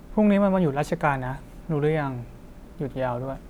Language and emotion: Thai, neutral